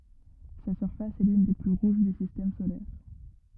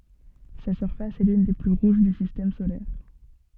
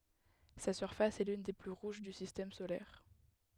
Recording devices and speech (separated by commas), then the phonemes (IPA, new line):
rigid in-ear microphone, soft in-ear microphone, headset microphone, read sentence
sa syʁfas ɛ lyn de ply ʁuʒ dy sistɛm solɛʁ